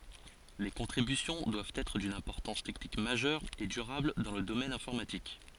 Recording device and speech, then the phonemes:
forehead accelerometer, read sentence
le kɔ̃tʁibysjɔ̃ dwavt ɛtʁ dyn ɛ̃pɔʁtɑ̃s tɛknik maʒœʁ e dyʁabl dɑ̃ lə domɛn ɛ̃fɔʁmatik

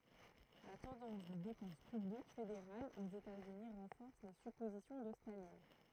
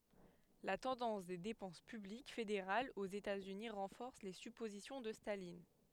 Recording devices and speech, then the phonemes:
throat microphone, headset microphone, read sentence
la tɑ̃dɑ̃s de depɑ̃s pyblik fedeʁalz oz etaz yni ʁɑ̃fɔʁs le sypozisjɔ̃ də stalin

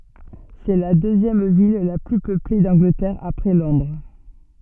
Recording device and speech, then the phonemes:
soft in-ear microphone, read sentence
sɛ la døzjɛm vil la ply pøple dɑ̃ɡlətɛʁ apʁɛ lɔ̃dʁ

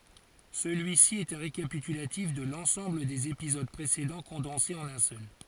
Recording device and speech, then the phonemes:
forehead accelerometer, read sentence
səlyisi ɛt œ̃ ʁekapitylatif də lɑ̃sɑ̃bl dez epizod pʁesedɑ̃ kɔ̃dɑ̃se ɑ̃n œ̃ sœl

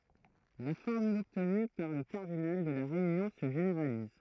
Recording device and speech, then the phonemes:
throat microphone, read sentence
la fɔʁmyl ɔbtny puʁ lə kaʁdinal də la ʁeynjɔ̃ sə ʒeneʁaliz

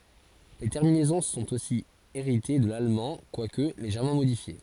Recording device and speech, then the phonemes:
forehead accelerometer, read sentence
le tɛʁminɛzɔ̃ sɔ̃t osi eʁite də lalmɑ̃ kwak leʒɛʁmɑ̃ modifje

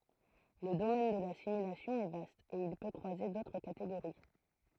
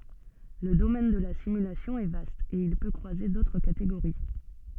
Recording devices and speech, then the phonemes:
throat microphone, soft in-ear microphone, read sentence
lə domɛn də la simylasjɔ̃ ɛ vast e il pø kʁwaze dotʁ kateɡoʁi

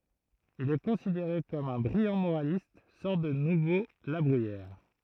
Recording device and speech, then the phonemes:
throat microphone, read sentence
il ɛ kɔ̃sideʁe kɔm œ̃ bʁijɑ̃ moʁalist sɔʁt də nuvo la bʁyijɛʁ

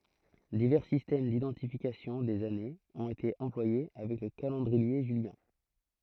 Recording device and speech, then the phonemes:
throat microphone, read sentence
divɛʁ sistɛm didɑ̃tifikasjɔ̃ dez anez ɔ̃t ete ɑ̃plwaje avɛk lə kalɑ̃dʁie ʒyljɛ̃

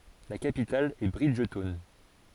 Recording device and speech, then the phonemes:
forehead accelerometer, read sentence
la kapital ɛ bʁidʒtɔwn

